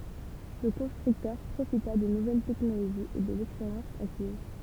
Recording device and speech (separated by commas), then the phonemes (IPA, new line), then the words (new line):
temple vibration pickup, read sentence
lə kɔ̃stʁyktœʁ pʁofita də nuvɛl tɛknoloʒiz e də lɛkspeʁjɑ̃s akiz
Le constructeur profita de nouvelles technologies et de l'expérience acquise.